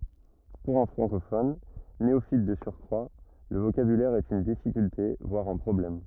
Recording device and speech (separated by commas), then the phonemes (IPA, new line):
rigid in-ear microphone, read sentence
puʁ œ̃ fʁɑ̃kofɔn neofit də syʁkʁwa lə vokabylɛʁ ɛt yn difikylte vwaʁ œ̃ pʁɔblɛm